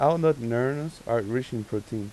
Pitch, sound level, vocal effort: 115 Hz, 87 dB SPL, soft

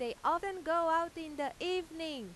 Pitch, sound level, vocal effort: 325 Hz, 96 dB SPL, very loud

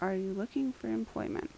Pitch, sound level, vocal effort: 205 Hz, 76 dB SPL, soft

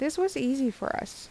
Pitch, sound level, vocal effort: 265 Hz, 80 dB SPL, normal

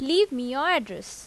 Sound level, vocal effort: 86 dB SPL, loud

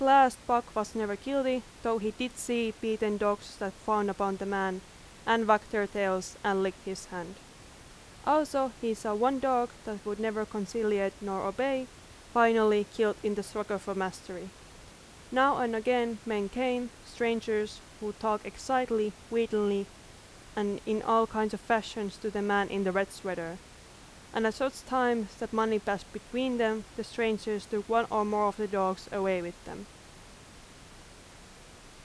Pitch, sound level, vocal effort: 215 Hz, 86 dB SPL, very loud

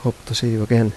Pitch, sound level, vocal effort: 115 Hz, 79 dB SPL, soft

